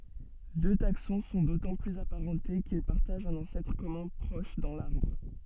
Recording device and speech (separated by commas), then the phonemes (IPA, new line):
soft in-ear microphone, read sentence
dø taksɔ̃ sɔ̃ dotɑ̃ plyz apaʁɑ̃te kil paʁtaʒt œ̃n ɑ̃sɛtʁ kɔmœ̃ pʁɔʃ dɑ̃ laʁbʁ